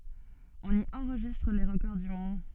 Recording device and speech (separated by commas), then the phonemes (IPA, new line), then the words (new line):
soft in-ear microphone, read sentence
ɔ̃n i ɑ̃ʁʒistʁ le ʁəkɔʁ dy mɔ̃d
On y enregistre les records du monde.